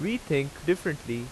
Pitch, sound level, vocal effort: 150 Hz, 87 dB SPL, loud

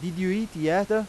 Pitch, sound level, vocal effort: 185 Hz, 93 dB SPL, loud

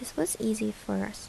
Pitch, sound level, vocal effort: 215 Hz, 75 dB SPL, soft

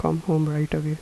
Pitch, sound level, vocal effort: 150 Hz, 79 dB SPL, soft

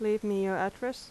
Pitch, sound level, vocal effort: 210 Hz, 84 dB SPL, normal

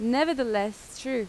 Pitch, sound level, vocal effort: 245 Hz, 86 dB SPL, loud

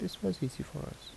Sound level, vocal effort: 71 dB SPL, soft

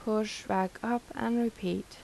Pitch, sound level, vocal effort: 220 Hz, 80 dB SPL, soft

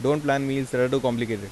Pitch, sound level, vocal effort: 130 Hz, 88 dB SPL, normal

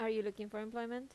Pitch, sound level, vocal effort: 220 Hz, 83 dB SPL, normal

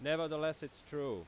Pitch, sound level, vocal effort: 155 Hz, 94 dB SPL, very loud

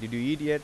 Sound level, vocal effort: 90 dB SPL, normal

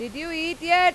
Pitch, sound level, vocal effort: 335 Hz, 100 dB SPL, very loud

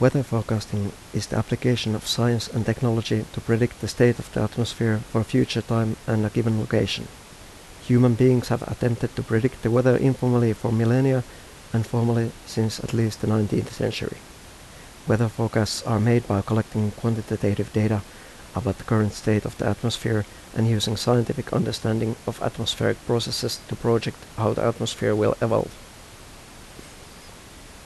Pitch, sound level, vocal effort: 115 Hz, 79 dB SPL, soft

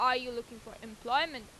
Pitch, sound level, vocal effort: 240 Hz, 94 dB SPL, loud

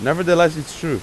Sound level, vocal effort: 92 dB SPL, loud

